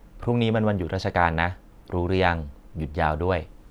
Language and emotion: Thai, neutral